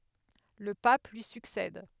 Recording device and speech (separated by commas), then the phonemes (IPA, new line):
headset microphone, read sentence
lə pap lyi syksɛd